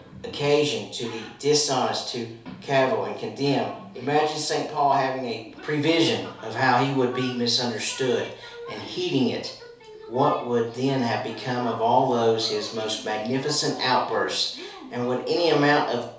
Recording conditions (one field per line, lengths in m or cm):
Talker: one person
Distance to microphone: 3.0 m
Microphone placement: far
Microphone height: 1.8 m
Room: small (3.7 m by 2.7 m)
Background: television